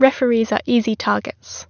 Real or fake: real